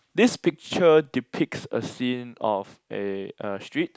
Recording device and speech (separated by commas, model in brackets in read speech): close-talking microphone, conversation in the same room